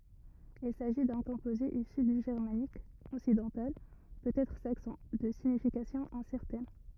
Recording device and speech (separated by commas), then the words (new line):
rigid in-ear microphone, read sentence
Il s'agit d'un composé issu du germanique occidental, peut-être saxon, de signification incertaine.